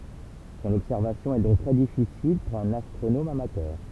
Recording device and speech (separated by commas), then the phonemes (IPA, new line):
temple vibration pickup, read sentence
sɔ̃n ɔbsɛʁvasjɔ̃ ɛ dɔ̃k tʁɛ difisil puʁ œ̃n astʁonom amatœʁ